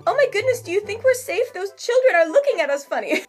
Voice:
mocking voice